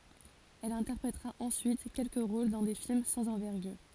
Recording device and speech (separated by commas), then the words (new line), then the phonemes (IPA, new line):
forehead accelerometer, read sentence
Elle interprétera ensuite quelques rôles dans des films sans envergure.
ɛl ɛ̃tɛʁpʁetʁa ɑ̃syit kɛlkə ʁol dɑ̃ de film sɑ̃z ɑ̃vɛʁɡyʁ